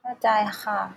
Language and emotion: Thai, frustrated